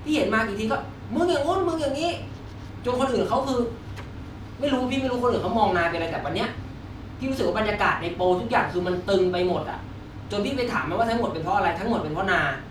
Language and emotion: Thai, frustrated